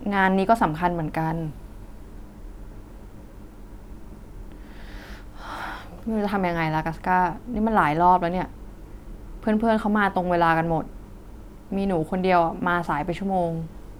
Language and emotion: Thai, frustrated